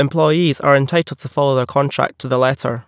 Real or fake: real